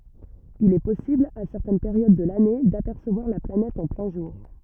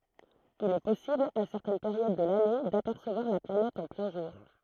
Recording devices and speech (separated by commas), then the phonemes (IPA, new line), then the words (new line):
rigid in-ear microphone, throat microphone, read sentence
il ɛ pɔsibl a sɛʁtɛn peʁjod də lane dapɛʁsəvwaʁ la planɛt ɑ̃ plɛ̃ ʒuʁ
Il est possible, à certaines périodes de l'année, d'apercevoir la planète en plein jour.